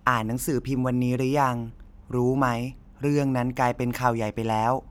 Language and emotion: Thai, neutral